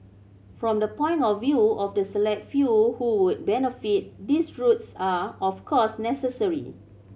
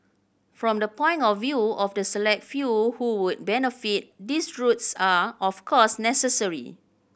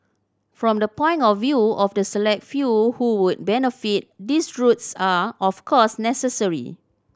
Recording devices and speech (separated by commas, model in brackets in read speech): mobile phone (Samsung C7100), boundary microphone (BM630), standing microphone (AKG C214), read sentence